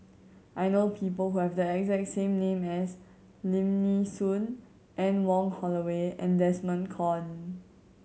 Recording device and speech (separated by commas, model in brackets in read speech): mobile phone (Samsung C7100), read sentence